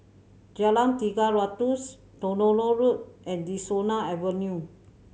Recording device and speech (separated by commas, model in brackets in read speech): mobile phone (Samsung C7100), read sentence